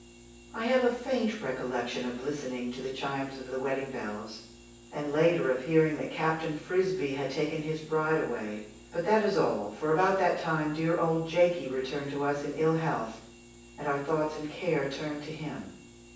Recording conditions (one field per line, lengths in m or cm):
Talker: one person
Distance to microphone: 9.8 m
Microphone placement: far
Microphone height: 1.8 m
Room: large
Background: none